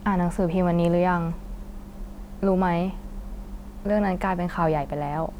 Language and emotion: Thai, neutral